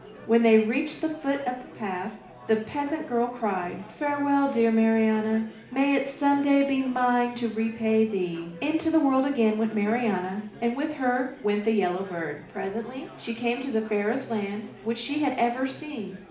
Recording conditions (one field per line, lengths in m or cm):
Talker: one person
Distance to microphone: 2.0 m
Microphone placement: close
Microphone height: 99 cm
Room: medium-sized (5.7 m by 4.0 m)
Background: babble